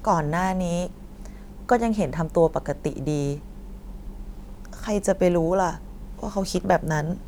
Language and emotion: Thai, frustrated